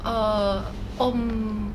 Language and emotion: Thai, neutral